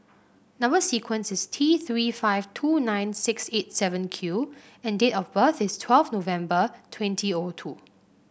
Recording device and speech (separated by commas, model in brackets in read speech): boundary microphone (BM630), read sentence